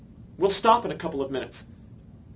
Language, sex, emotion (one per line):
English
male
neutral